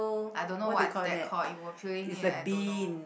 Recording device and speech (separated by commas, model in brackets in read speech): boundary microphone, conversation in the same room